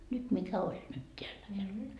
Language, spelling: Finnish, nyt mikä oli nyt täällä -
- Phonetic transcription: 'nyt mikä 'oĺ nyt 'teällä hellun- .

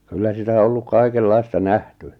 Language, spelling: Finnish, kyllä sitä on ollut kaikenlaista nähty
- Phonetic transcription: kyllä 'sitä o 'olluk 'kaikellaista "nähty .

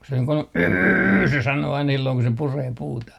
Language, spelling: Finnish, kun se niin kuin yyyrr se sanoo aina silloin kun se puree puuta
- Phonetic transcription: ku se niiŋ kun yyyrr se sanoo ain silloŋ ku se 'puree 'puuta .

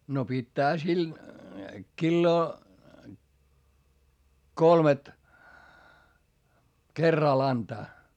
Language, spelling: Finnish, no pitäähän sillä kiloa kolmet kerralla antaa
- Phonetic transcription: no pittäähä sil , killoo , kolmet , kerral antaa .

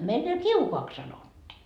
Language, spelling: Finnish, meillä kiukaaksi sanottiin
- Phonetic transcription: meillä "kiukoaks sanottii .

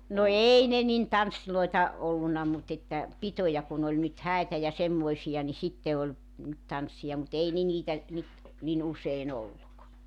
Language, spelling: Finnish, no ei ne niin tansseja ollut mutta että pitoja kun oli nyt häitä ja semmoisia niin sitten oli nyt tanssia mutta ei ne niitä nyt niin usein ollut
- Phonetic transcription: no "ei ne 'nin 'tanssiloita , 'olluna mut ‿että , "pitoja kun ‿oĺ nyt 'hä̀itä ja 'semmoisija ni 'sitte oĺ , nyt 'tanssiʲa mu't ‿ei ne 'niitä , nyt , nin 'usein ‿olluk .

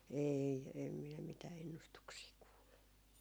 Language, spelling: Finnish, ei en minä mitään ennustuksia kuullut
- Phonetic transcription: 'eei , em minä mitää 'ennustuksii 'kuullu .

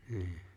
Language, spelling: Finnish, niin
- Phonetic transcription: 'nʰi̬i̬ .

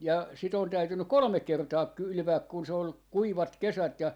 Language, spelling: Finnish, ja sitä on täytynyt kolme kertaa kylvää kun se oli kuivat kesät ja
- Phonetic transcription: ja 'sit ‿on 'täytynyk̆ "kolᵒmek̆ kertaa 'kylʸvääk kun se ol , 'kuivat 'kesät ja , .

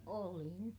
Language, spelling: Finnish, olin
- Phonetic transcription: oolin .

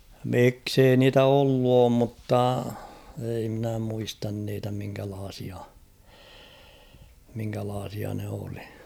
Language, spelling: Finnish, miksi ei niitä ollut ole mutta ei minä muista niitä minkälaisia minkälaisia ne oli
- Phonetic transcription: 'miksei niitä "ollu oom mutta , ei mnä 'muistan niitä 'miŋkälaasia , miŋkälaasia ne olɪ .

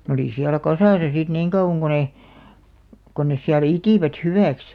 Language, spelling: Finnish, ne oli siellä kasassa sitten niin kauan kuin ne kuin ne siellä itivät hyväksi
- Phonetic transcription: n ‿olì 'siälä "kasàsa sit 'niiŋ kauʷaŋ ɢo 'ne , kon nes siälᵃ̈ "itìvät 'hyvä̀ks .

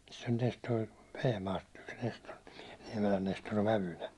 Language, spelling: Finnish, sen oli tästä tuo Vehmaasta yksi Nestori Niemelän Nestori on vävynä
- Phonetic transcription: sen (oli) täst toi , 'Vehmaast (yks) Nestor-ɴɪᴍɪɪ , 'Niɛmelän Nestor (o) 'vävynä .

